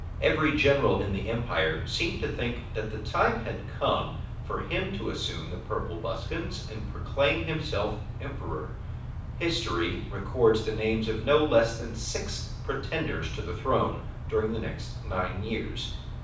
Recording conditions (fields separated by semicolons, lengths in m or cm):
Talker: one person; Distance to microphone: 5.8 m; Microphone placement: far; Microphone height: 1.8 m; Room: medium-sized (5.7 m by 4.0 m); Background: none